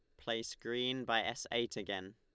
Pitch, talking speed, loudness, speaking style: 115 Hz, 185 wpm, -38 LUFS, Lombard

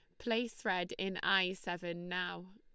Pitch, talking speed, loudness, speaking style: 185 Hz, 155 wpm, -36 LUFS, Lombard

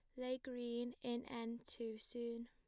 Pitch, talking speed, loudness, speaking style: 240 Hz, 160 wpm, -46 LUFS, plain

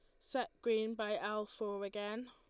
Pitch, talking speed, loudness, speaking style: 215 Hz, 170 wpm, -40 LUFS, Lombard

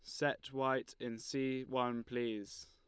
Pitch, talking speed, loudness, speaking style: 125 Hz, 145 wpm, -39 LUFS, Lombard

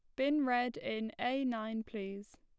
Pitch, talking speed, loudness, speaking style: 240 Hz, 165 wpm, -36 LUFS, plain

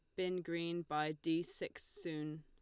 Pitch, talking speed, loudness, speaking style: 165 Hz, 165 wpm, -41 LUFS, Lombard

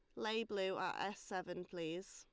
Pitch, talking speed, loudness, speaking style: 190 Hz, 185 wpm, -43 LUFS, Lombard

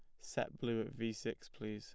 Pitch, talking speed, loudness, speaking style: 115 Hz, 230 wpm, -42 LUFS, plain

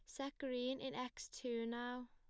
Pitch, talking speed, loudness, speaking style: 250 Hz, 190 wpm, -45 LUFS, plain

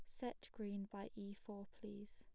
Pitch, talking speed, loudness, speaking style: 205 Hz, 185 wpm, -51 LUFS, plain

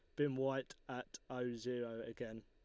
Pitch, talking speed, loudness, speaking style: 125 Hz, 160 wpm, -43 LUFS, Lombard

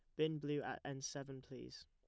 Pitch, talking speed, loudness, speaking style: 140 Hz, 215 wpm, -45 LUFS, plain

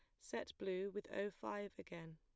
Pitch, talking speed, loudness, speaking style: 190 Hz, 185 wpm, -47 LUFS, plain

